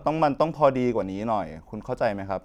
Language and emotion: Thai, frustrated